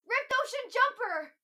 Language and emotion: English, surprised